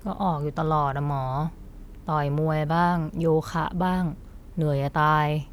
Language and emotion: Thai, frustrated